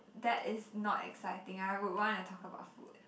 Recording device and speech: boundary microphone, conversation in the same room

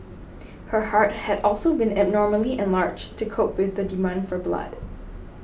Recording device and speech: boundary microphone (BM630), read sentence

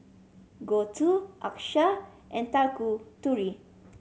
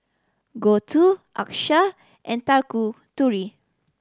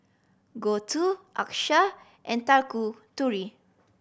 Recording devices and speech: mobile phone (Samsung C7100), standing microphone (AKG C214), boundary microphone (BM630), read sentence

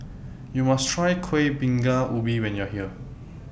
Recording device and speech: boundary microphone (BM630), read sentence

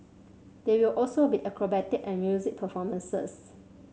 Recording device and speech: mobile phone (Samsung C7100), read sentence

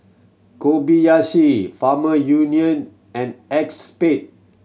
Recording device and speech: mobile phone (Samsung C7100), read sentence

